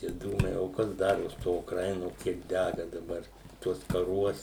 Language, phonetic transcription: Lithuanian, tie ˈdūmai o ˈkas ˈdaros ˈto ukˈraino ˈkiek ˈdæga daˈbar ˈtuos kaˈruos

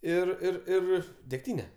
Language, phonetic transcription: Lithuanian, ˈir ˈir ˈir degˈtyne

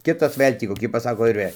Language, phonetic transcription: Lithuanian, ˈkitas ˈvɘl' tį koˈkį ˈpasako ir ˈvɘl'

